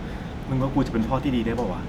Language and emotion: Thai, frustrated